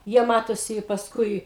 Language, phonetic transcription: Lithuanian, ˈjie ˈmatosi i pasˈkui

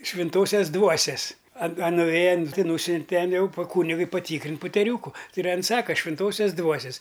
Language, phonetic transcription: Lithuanian, švinˈtosias ˈdvuosias a a nuˈvėja an ˈti ˈnūsiunte ˈten ˈjau pa ˈkūnigui paˈtykrint' puteˈriūku ˈtai ir ˈan ˈsaka švinˈtosios ˈdvuosias

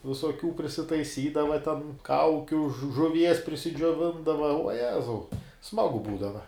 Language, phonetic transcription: Lithuanian, visoˈkių prisitaiˈsydava ten ˈkaukiu žu žuˈvies prisidžioˈvindava uo ˈjezau ˈsmagu ˈbūdava

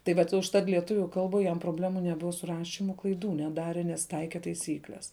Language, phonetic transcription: Lithuanian, tai ˈvat užˈtat lieˈtuviu ˈkalbuoj jam proˈblemų neˈbuva su ˈrašimu klaiˈdų neˈdare nes ˈtaike taiˈsykles

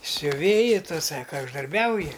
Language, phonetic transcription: Lithuanian, siuˈvėji ˈtu ˈsaka uždarˈbiauji

